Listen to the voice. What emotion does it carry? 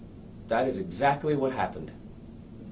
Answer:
neutral